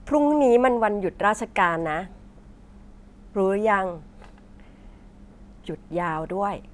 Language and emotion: Thai, neutral